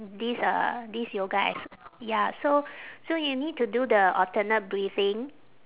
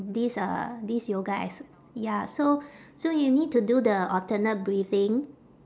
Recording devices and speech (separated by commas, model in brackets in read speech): telephone, standing microphone, conversation in separate rooms